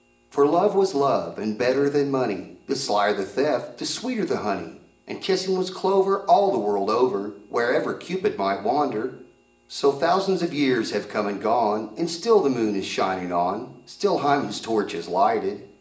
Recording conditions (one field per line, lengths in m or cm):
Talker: one person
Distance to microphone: 1.8 m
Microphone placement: close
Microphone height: 1.0 m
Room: large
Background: none